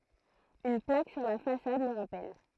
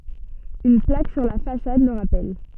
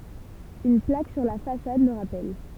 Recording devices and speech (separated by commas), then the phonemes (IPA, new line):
throat microphone, soft in-ear microphone, temple vibration pickup, read sentence
yn plak syʁ la fasad lə ʁapɛl